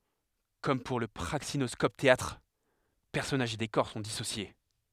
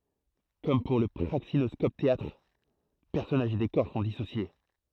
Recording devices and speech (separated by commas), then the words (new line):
headset microphone, throat microphone, read sentence
Comme pour le praxinoscope-théâtre, personnages et décors sont dissociés.